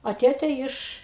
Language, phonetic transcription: Lithuanian, a ˈtėtė ˈiš

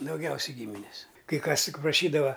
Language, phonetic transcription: Lithuanian, dauˈgiausiai ˈgyminis kai ˈkas ˈtik praˈšydava

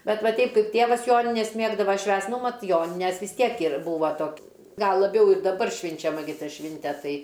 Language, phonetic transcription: Lithuanian, ˈbet ˈva ˈteip ˈkaip ˈtėvas ˈjonines ˈmėgdava ˈšvęst ˈnu ˈmat ˈjonines vis ˈtiek ir ˈbūva ˈtok ˈgal laˈbiau ir daˈbar švinčiaˈma gi ˈta ˈšvinte ˈtai

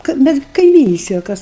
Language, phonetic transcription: Lithuanian, ka ˈmes gi kaiˈmynistej o ˈkas

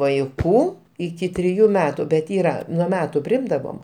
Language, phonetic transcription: Lithuanian, vaiˈkų iˈki triˈjų ˈmetu bet ˈyra nuo ˈmetu priˈimdavom

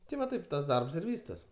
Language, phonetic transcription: Lithuanian, ti va ˈtaip tas ˈdarbs ir ˈvystas

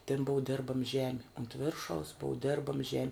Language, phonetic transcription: Lithuanian, tin ˈbuu ˈdirbam ˈžemi unt ˈviršaus ˈbuu ˈdirbam ˈžemi

